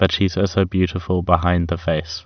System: none